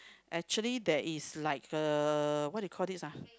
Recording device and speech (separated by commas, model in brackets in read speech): close-talking microphone, conversation in the same room